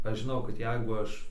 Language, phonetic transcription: Lithuanian, ˈaš žiˈnau kad ˈjeigu ˈaš

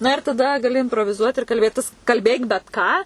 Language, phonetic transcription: Lithuanian, ˈna ir taˈda gaˈli inproviˈzuot ir kalˈbėtis kalˈbėk bet ˈką

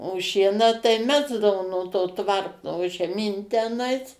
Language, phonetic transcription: Lithuanian, o ˈšieną tai ˈmesdavo nuo to ˈtvarto žeˈmyn teˈnais

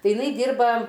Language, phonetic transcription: Lithuanian, ˈtai iˈnai ˈdyrba

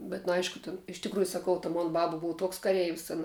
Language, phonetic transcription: Lithuanian, bet nu ˈaišku tin iš tikˈrųju saˈkau ta ˈmon ˈbaba ˈbuv ˈtuoks kaˈreivis ˈana

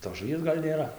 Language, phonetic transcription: Lithuanian, tos žuˈvies ˈgal' nėˈra

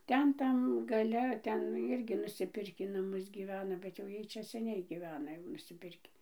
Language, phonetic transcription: Lithuanian, ˈten ˈtam gaˈle ˈten irˈgi nusiˈpirkį naˈmus gyˈvena bet jau ˈjiej ˈčia seˈniai gyˈvena jau nusiˈpirkį

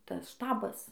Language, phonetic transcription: Lithuanian, ˈtas ˈštabas

